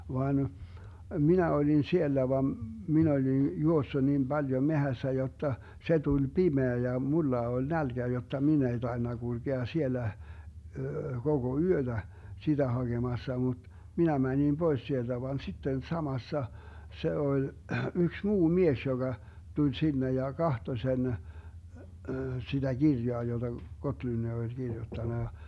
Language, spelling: Finnish, vaan minä olin siellä vaan minä olin juossut niin paljon metsässä jotta se tuli pimeä ja minulla oli nälkä jotta minä ei tainnut kulkea siellä koko yötä sitä hakemassa mutta minä menin pois sieltä vaan sitten samassa se oli yksi muu mies joka tuli sinne ja katsoi sen sitä kirjaa jota Gottlund oli kirjoittanut ja
- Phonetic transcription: 'vaan , 'minä 'olin 'siellä vam , 'min ‿olin , 'juossu niim 'Baljo 'mehässä jotta , 'se 'tuĺ "pimeä ja "mulla 'oĺ "nälGä jotta 'min ‿ei 'taenna 'GulGea 'siellä , 'koGo "yöDä , 'siDä 'haGemassa mut , 'minä 'mäńim 'Bois 'sielDä van 'sitten 'samassa , 'se 'oĺ , 'yks "muu 'mies joGa , 'tuĺ 'sinne ja "kahto 'sen , siDä "Girjoa joDa 'Gotlynni oĺ 'Girjuttana ja ,.

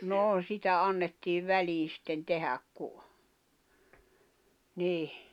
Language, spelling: Finnish, no sitä annettiin väliin sitten tehdä kun niin
- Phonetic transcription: 'noo 'sitä annettiiv 'välii sⁱtten 'tehäk ku , 'nìh .

